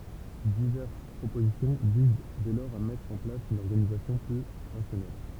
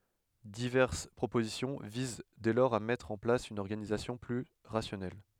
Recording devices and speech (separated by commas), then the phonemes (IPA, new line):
temple vibration pickup, headset microphone, read sentence
divɛʁs pʁopozisjɔ̃ viz dɛ lɔʁz a mɛtʁ ɑ̃ plas yn ɔʁɡanizasjɔ̃ ply ʁasjɔnɛl